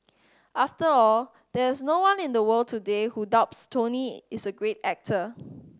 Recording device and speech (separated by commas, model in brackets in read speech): standing microphone (AKG C214), read sentence